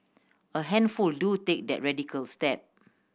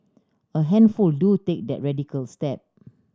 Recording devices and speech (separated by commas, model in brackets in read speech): boundary microphone (BM630), standing microphone (AKG C214), read sentence